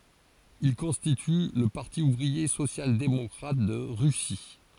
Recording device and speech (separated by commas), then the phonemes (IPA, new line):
forehead accelerometer, read sentence
il kɔ̃stity lə paʁti uvʁie sosjaldemɔkʁat də ʁysi